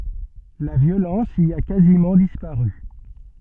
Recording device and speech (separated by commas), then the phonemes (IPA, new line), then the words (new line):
soft in-ear microphone, read sentence
la vjolɑ̃s i a kazimɑ̃ dispaʁy
La violence y a quasiment disparu.